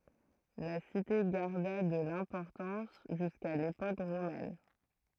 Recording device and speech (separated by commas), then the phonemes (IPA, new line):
throat microphone, read sentence
la site ɡaʁda də lɛ̃pɔʁtɑ̃s ʒyska lepok ʁomɛn